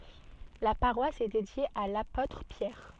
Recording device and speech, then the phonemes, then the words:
soft in-ear microphone, read sentence
la paʁwas ɛ dedje a lapotʁ pjɛʁ
La paroisse est dédiée à l'apôtre Pierre.

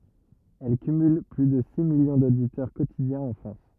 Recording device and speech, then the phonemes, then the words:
rigid in-ear microphone, read sentence
ɛl kymyl ply də si miljɔ̃ doditœʁ kotidjɛ̃z ɑ̃ fʁɑ̃s
Elle cumule plus de six millions d'auditeurs quotidiens en France.

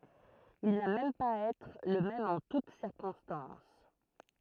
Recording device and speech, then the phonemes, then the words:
throat microphone, read sentence
il na mɛm paz a ɛtʁ lə mɛm ɑ̃ tut siʁkɔ̃stɑ̃s
Il n'a même pas à être le même en toute circonstances.

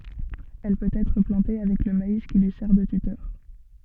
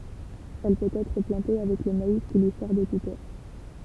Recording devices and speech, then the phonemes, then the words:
soft in-ear microphone, temple vibration pickup, read sentence
ɛl pøt ɛtʁ plɑ̃te avɛk lə mais ki lyi sɛʁ də tytœʁ
Elle peut être plantée avec le maïs qui lui sert de tuteur.

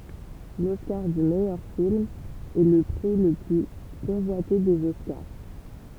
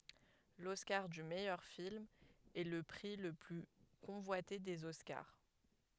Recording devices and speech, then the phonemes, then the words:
temple vibration pickup, headset microphone, read sentence
lɔskaʁ dy mɛjœʁ film ɛ lə pʁi lə ply kɔ̃vwate dez ɔskaʁ
L'Oscar du meilleur film est le prix le plus convoité des Oscars.

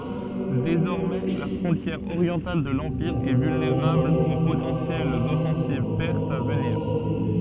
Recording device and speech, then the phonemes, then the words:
soft in-ear microphone, read sentence
dezɔʁmɛ la fʁɔ̃tjɛʁ oʁjɑ̃tal də lɑ̃piʁ ɛ vylneʁabl o potɑ̃sjɛlz ɔfɑ̃siv pɛʁsz a vəniʁ
Désormais, la frontière orientale de l'Empire est vulnérable aux potentielles offensives perses à venir.

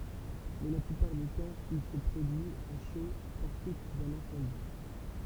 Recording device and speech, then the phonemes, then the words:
temple vibration pickup, read sentence
mɛ la plypaʁ dy tɑ̃ il sə pʁodyi a ʃo paʁ syit dœ̃n ɛ̃sɑ̃di
Mais la plupart du temps, il se produit à chaud, par suite d'un incendie.

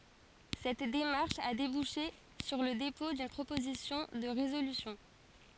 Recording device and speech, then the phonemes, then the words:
forehead accelerometer, read sentence
sɛt demaʁʃ a debuʃe syʁ lə depɔ̃ dyn pʁopozisjɔ̃ də ʁezolysjɔ̃
Cette démarche a débouché sur le dépôt d'une proposition de résolution.

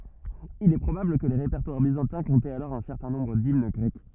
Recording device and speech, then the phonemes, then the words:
rigid in-ear microphone, read sentence
il ɛ pʁobabl kə le ʁepɛʁtwaʁ bizɑ̃tɛ̃ kɔ̃tɛt alɔʁ œ̃ sɛʁtɛ̃ nɔ̃bʁ dimn ɡʁɛk
Il est probable que les répertoires byzantins comptaient alors un certain nombre d'hymnes grecques.

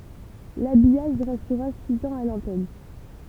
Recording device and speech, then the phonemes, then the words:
temple vibration pickup, read sentence
labijaʒ ʁɛstʁa siz ɑ̃z a lɑ̃tɛn
L'habillage restera six ans à l'antenne.

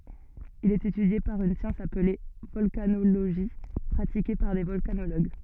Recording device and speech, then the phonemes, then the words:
soft in-ear microphone, read sentence
il ɛt etydje paʁ yn sjɑ̃s aple vɔlkanoloʒi pʁatike paʁ de vɔlkanoloɡ
Il est étudié par une science appelée volcanologie pratiquée par des volcanologues.

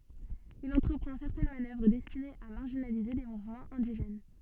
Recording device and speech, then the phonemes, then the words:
soft in-ear microphone, read sentence
il ɑ̃tʁəpʁɑ̃ sɛʁtɛn manœvʁ dɛstinez a maʁʒinalize le muvmɑ̃z ɛ̃diʒɛn
Il entreprend certaines manœuvres destinées à marginaliser les mouvements indigènes.

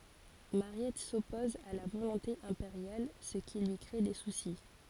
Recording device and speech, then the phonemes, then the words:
forehead accelerometer, read sentence
maʁjɛt sɔpɔz a la volɔ̃te ɛ̃peʁjal sə ki lyi kʁe de susi
Mariette s’oppose à la volonté impériale, ce qui lui crée des soucis.

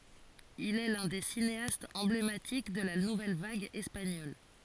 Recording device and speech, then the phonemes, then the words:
forehead accelerometer, read sentence
il ɛ lœ̃ de sineastz ɑ̃blematik də la nuvɛl vaɡ ɛspaɲɔl
Il est l'un des cinéastes emblématiques de la nouvelle vague espagnole.

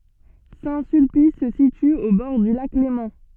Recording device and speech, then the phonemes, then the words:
soft in-ear microphone, read sentence
sɛ̃ sylpis sə sity o bɔʁ dy lak lemɑ̃
Saint-Sulpice se situe au bord du Lac Léman.

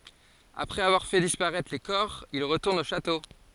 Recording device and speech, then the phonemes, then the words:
forehead accelerometer, read sentence
apʁɛz avwaʁ fɛ dispaʁɛtʁ le kɔʁ il ʁətuʁnt o ʃato
Après avoir fait disparaître les corps, ils retournent au château.

